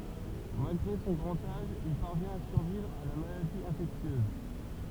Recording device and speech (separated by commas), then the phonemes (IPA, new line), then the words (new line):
temple vibration pickup, read sentence
malɡʁe sɔ̃ ɡʁɑ̃t aʒ il paʁvjɛ̃t a syʁvivʁ a la maladi ɛ̃fɛksjøz
Malgré son grand âge, il parvient à survivre à la maladie infectieuse.